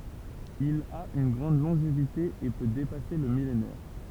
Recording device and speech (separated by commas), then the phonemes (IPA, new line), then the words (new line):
temple vibration pickup, read sentence
il a yn ɡʁɑ̃d lɔ̃ʒevite e pø depase lə milenɛʁ
Il a une grande longévité et peut dépasser le millénaire.